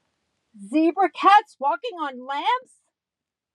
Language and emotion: English, disgusted